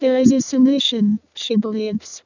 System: VC, vocoder